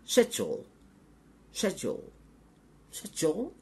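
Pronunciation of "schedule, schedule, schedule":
'Schedule' is said three times, with the British pronunciation.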